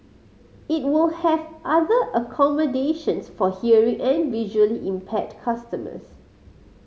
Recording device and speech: mobile phone (Samsung C5010), read sentence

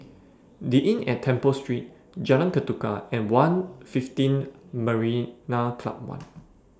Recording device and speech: standing microphone (AKG C214), read sentence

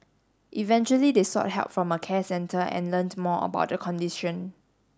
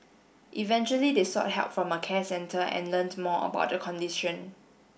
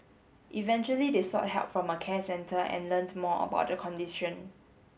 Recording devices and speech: standing microphone (AKG C214), boundary microphone (BM630), mobile phone (Samsung S8), read sentence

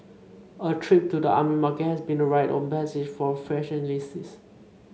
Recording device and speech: mobile phone (Samsung C5), read sentence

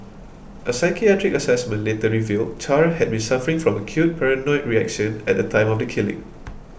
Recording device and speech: boundary microphone (BM630), read sentence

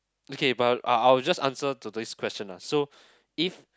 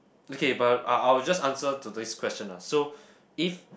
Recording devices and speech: close-talking microphone, boundary microphone, conversation in the same room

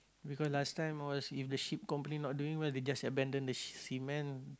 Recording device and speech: close-talking microphone, conversation in the same room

